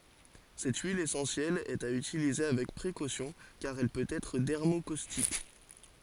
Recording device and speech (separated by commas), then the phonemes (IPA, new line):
forehead accelerometer, read sentence
sɛt yil esɑ̃sjɛl ɛt a ytilize avɛk pʁekosjɔ̃ kaʁ ɛl pøt ɛtʁ dɛʁmokostik